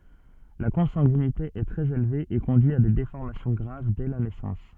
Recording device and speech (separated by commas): soft in-ear microphone, read sentence